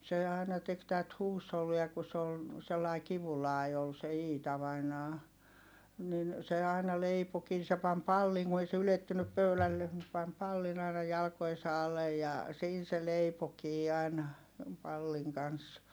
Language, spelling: Finnish, se aina teki tätä huushollia kun se oli sellainen kivullainen oli se Iita vainaja niin se aina leipoikin niin se pani pallin kun ei se ylettynyt pöydälle se pani pallin aina jalkojensa alle ja siinä se leipoikin aina pallin kanssa
- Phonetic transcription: se ài̮na tek tät huushollia ku s ‿ol , sellai kivulài ol se Iita vainaa , nin , se aina leipokii ni se pam palliŋ Gu ei se ylettynyp pöylällen (se) pam pallin ‿àina jalko₍esa alej ja , siin̬ se leipokii ài̮na , palliŋ kans .

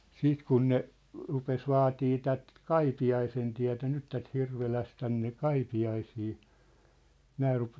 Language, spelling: Finnish, sitten kun ne rupesi vaatimaan tätä Kaipiaisentietä nyt tätä Hirvelässä tänne Kaipiaisiin nämä -
- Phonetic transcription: 'siit kun ne , 'rupes 'vaatii tät , "Kaipi₍aisentiätä̭ 'nyt tät 'Hirveläs tänne "Kaipi₍aisii , 'nää rup- ,.

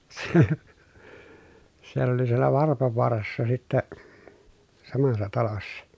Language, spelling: Finnish, siellä oli siellä Varpavaarassa sitten samassa talossa
- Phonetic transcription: siell ‿oli siellä Varpovoarassa sittɛ , samassa talossa ,.

